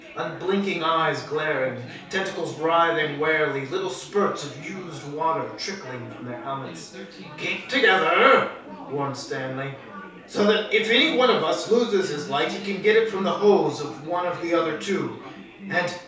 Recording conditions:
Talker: one person; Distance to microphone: 3.0 m; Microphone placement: far; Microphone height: 1.8 m; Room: small (3.7 m by 2.7 m); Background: babble

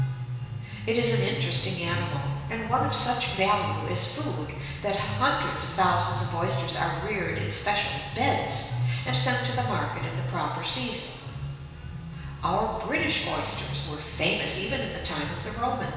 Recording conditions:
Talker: one person; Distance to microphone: 1.7 m; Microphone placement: close; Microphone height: 1.0 m; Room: very reverberant, large; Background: music

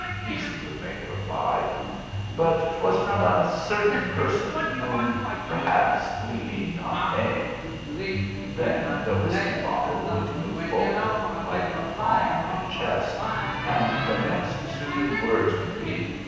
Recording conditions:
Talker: one person; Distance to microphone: 7.1 m; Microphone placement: far; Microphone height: 1.7 m; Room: very reverberant, large; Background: television

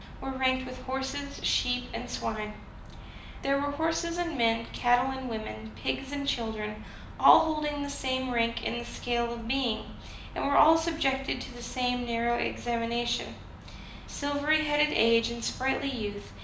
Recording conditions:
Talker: one person; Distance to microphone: 2.0 m; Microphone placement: close; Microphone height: 99 cm; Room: medium-sized (5.7 m by 4.0 m); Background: none

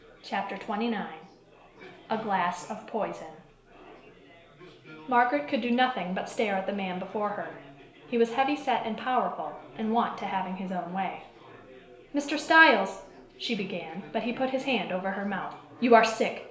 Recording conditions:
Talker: one person; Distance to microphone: 1.0 m; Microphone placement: close; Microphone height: 1.1 m; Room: small (3.7 m by 2.7 m); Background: babble

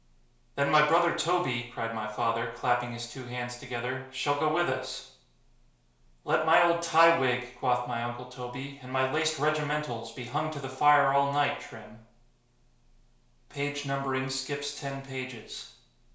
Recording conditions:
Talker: one person; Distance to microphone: 1.0 m; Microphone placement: close; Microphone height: 1.1 m; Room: small (3.7 m by 2.7 m); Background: none

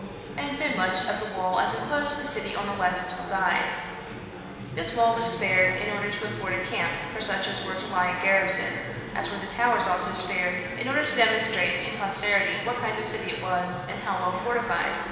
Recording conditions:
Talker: one person; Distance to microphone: 1.7 m; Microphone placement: close; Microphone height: 1.0 m; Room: very reverberant, large; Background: babble

